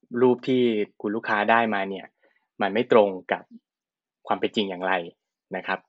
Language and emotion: Thai, neutral